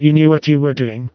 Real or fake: fake